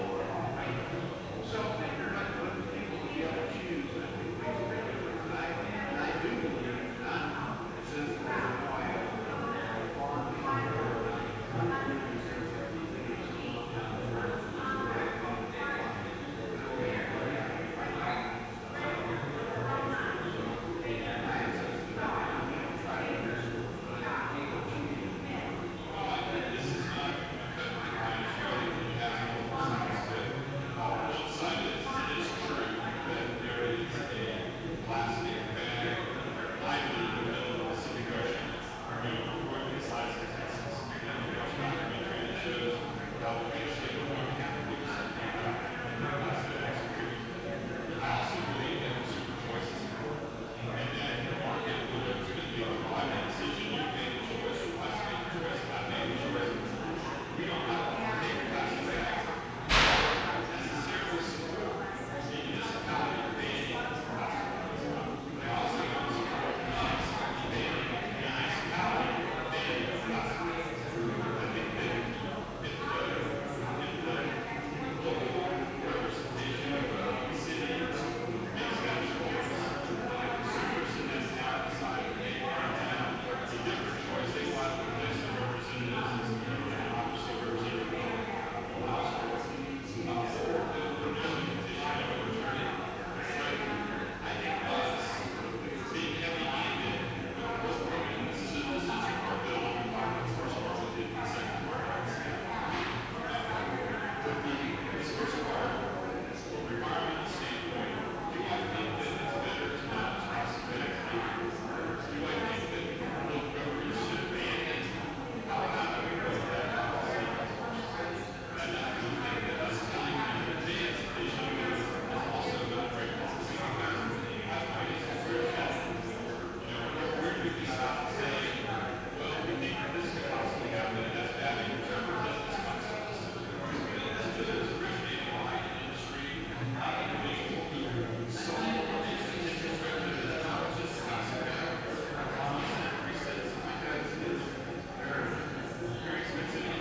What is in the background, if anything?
Crowd babble.